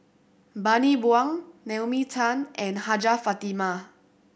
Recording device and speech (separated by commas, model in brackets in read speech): boundary microphone (BM630), read sentence